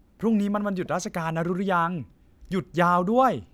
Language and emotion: Thai, happy